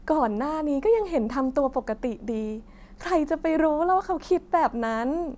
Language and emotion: Thai, happy